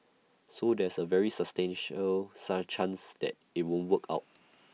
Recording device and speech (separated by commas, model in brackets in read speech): mobile phone (iPhone 6), read sentence